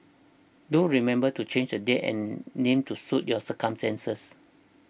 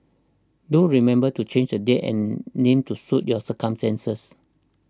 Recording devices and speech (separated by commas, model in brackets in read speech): boundary microphone (BM630), standing microphone (AKG C214), read sentence